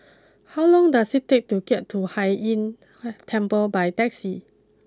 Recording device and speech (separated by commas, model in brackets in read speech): close-talking microphone (WH20), read sentence